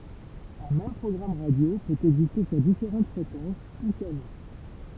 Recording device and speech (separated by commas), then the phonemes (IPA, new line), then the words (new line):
temple vibration pickup, read sentence
œ̃ mɛm pʁɔɡʁam ʁadjo pøt ɛɡziste syʁ difeʁɑ̃t fʁekɑ̃s u kano
Un même programme radio peut exister sur différentes fréquences ou canaux.